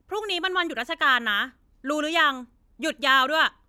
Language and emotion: Thai, angry